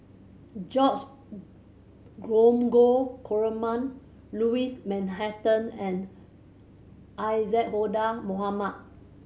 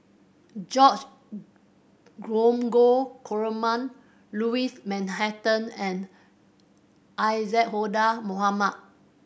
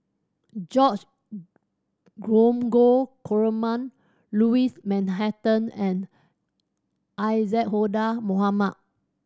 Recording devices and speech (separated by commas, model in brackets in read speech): mobile phone (Samsung C7100), boundary microphone (BM630), standing microphone (AKG C214), read sentence